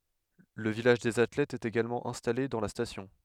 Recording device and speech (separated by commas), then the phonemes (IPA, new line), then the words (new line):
headset microphone, read sentence
lə vilaʒ dez atlɛtz ɛt eɡalmɑ̃ ɛ̃stale dɑ̃ la stasjɔ̃
Le village des athlètes est également installé dans la station.